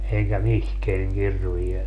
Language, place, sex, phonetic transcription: Finnish, Padasjoki, male, eŋkä "mihkeäŋ 'kirviel .
- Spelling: enkä mihinkään kirveellä

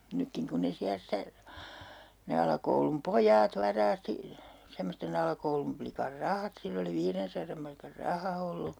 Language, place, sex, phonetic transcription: Finnish, Urjala, female, 'nykkiŋ kun ne 'siä stä , ne 'alakoulum "pojaat 'varaasti , semmoste'n ‿alakoulumplikar "rahat 'sill ‿oli 'viirensaram markar "raha ollu .
- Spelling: nytkin kun ne siellä sitä ne alakoulun pojat varasti semmoisten alakoulun plikan rahat sillä oli viidensadan markan raha ollut

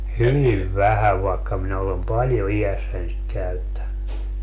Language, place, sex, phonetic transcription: Finnish, Padasjoki, male, "hyviv 'vähäv vaekka minä olem "paljo 'ijässäń sik 'käyttän(ny) .
- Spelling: hyvin vähän vaikka minä olen paljon iässäni sitä käyttänyt

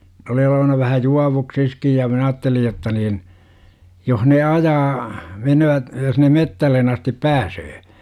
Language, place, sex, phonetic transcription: Finnish, Jurva, male, n ‿oli olovana vähä "juavuksiskij ja 'minä aattelij̆ jotta niin , 'joh ne 'ajaa , 'menövät , jos ne "mettällen astip "pääsöö .
- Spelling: ne oli olevinaan vähän juovuksissa ja minä ajattelin jotta niin jos ne ajaa menevät jos ne metsään asti pääsee

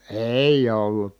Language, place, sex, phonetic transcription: Finnish, Kitee, male, è , èij ‿ollut .
- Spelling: ei ei ollut

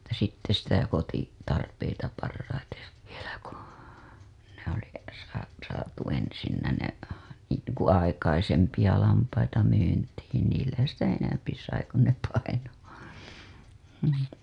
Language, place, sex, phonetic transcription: Finnish, Hailuoto, female, (et)tä sitte sitä koti- , -tarpeita parraitev vielä ku , ne ‿ oli , sa- , saatu ensinnä ne , niiŋku aikaisempija lampaita myyntiin niillä sitä 'enämpi sai ku ne 'paino , hm .
- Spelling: että sitten sitä - kotitarpeita parhaiten vielä kun ne - oli - saatu ensin ne niin kuin aikaisempia lampaita myyntiin niillä sitä enemmän sai kun ne painoi mm

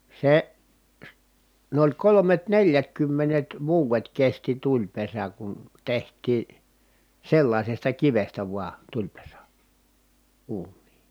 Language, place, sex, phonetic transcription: Finnish, Kitee, male, se , s- , n ‿oĺ kolomet neljätkymmenet vuuvet kesti tuĺpesä kun , teht̀ii , sellaisesta kivestä vua , tuĺpesä , uun̆nii .
- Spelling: se - on oli kolmet neljätkymmenet vuodet kesti tulipesä kun tehtiin sellaisesta kivestä vain tulipesä uuniin

